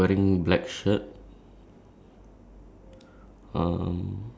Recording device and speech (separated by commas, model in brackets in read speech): standing microphone, conversation in separate rooms